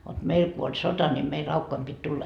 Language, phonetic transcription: Finnish, vot 'meil ku oĺ "sota ni mei 'raukkoim pit 'tulla .
- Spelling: vot meillä kun oli sota niin meidän raukkojen piti tulla

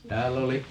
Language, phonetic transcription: Finnish, 'tääll ‿oli ,.
- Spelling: täällä oli

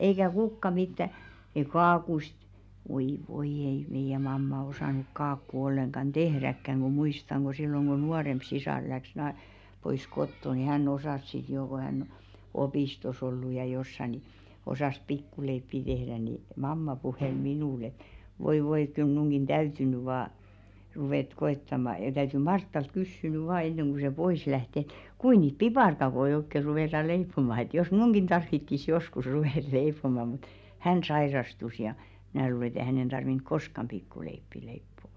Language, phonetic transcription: Finnish, eikä "kukka mittä ei 'kaakuist , 'voi "voi ei 'meiʲä mamma osànuk 'kaakku olleŋkan "ᴅehräkkäŋ ɢu 'muistaŋ ɢo silloŋ ɢo 'nuaremp sisàr läks 'na- , 'pois "kotto ni 'hän"n ‿osàs sit joo ko hän , 'opìstos ollu ja jossa ni , 'osàs "pikkuleippi 'tehðä ni , "mamma 'puhèl "minùl ‿et , » voi , 'voi ᵉᵗ kyl 'mnuŋɢin "ᴅäyty ny 'vaa , ruvèt 'ko₍ettama , ja 'täyty "Marttalt 'kyssy ny 'vaa enneŋ ku se 'pois läht ‿ᵉt , 'kui niit "piparkakoi oikke ruvèta 'leippoma et jos "mn̬uŋɢin tarvittis 'joskus 'ruvèt "leip̀oma « mut , "hän 'sairastus ja , 'mⁱnä̀ luule ᵉt ‿e hänen tarvink "koskam 'pikkuleippi leippo₍ᵒ .
- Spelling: eikä kukaan mitään ei kakuista voi voi ei meidän mamma osannut kakkua ollenkaan tehdäkään kun muistan kun silloin kun nuorempi sisar lähti - pois kotoa niin hän osasi sitten jo kun hän opistossa ollut ja jossakin niin osasi pikkuleipiä tehdä niin mamma puheli minulle että voi voi kun kyllä minunkin täytyy nyt vain ruveta koettamaan ja täytyy Martalta kysyä nyt vain ennen kuin se pois lähti että kuinka niitä piparkakkuja oikein ruvetaan leipomaan että jos minunkin tarvitsisi joskus ruveta leipomaan mutta hän sairastui ja minä luulen että ei hänen tarvinnut koskaan pikkuleipiä leipoa

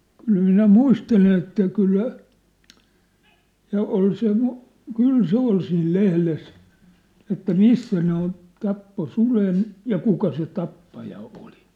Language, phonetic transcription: Finnish, 'kyl 'minä "muistelen ‿että 'kyllä , ja ol se , "kyl se 'ol siil "lehles , että "missä ne ‿on , 'tappo "sulen , ja "kuka se "tappaja 'oli .
- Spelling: kyllä minä muistelen että kyllä ja oli se kyllä se oli siinä lehdessä että missä ne on tappoi suden ja kuka se tappaja oli

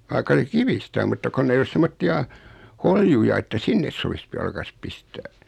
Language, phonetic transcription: Finnish, 'vaikka se "kivistä om mutta 'konn ‿ei 'os "semmotti₍a , "holjuja että 'sinnes so(v)is p- 'jalkas pistää .
- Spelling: vaikka se kivistä on mutta kun ei ole semmoisia holjuja että sinne sopisi - jalkansa pistää

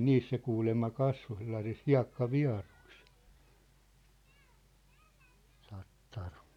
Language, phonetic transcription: Finnish, niis se kuulemma 'kasvo sellasis "hia̭kka'via̭rᴜɪs , tattar .
- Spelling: niin se kuulemma kasvoi sellaisissa hiekkavieruissa tattari

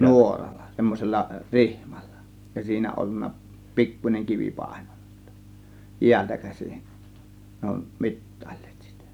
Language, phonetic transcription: Finnish, nuoral̆lA , 'semmosella , "rihMALLA , ja 'siinä ollunna , "pikkuńeŋ 'kivi 'pàe̬NONA sIttÄ , "jiältä 'käsin , ne ‿on "mit̀tÀILLEEt sItÄ .
- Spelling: nuoralla semmoisella rihmalla ja siinä ollut pikkuinen kivi painona sitten jäältä käsin ne on mittailleet sitä

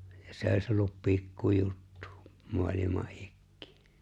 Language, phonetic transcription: Finnish, ja 'sè ‿oś ’ollup 'pikkujuttᴜ , 'mu̬alima’ '’ɪkkɪɪ .
- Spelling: ja se olisi ollut pikkujuttu maailman ikiin

